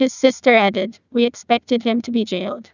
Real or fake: fake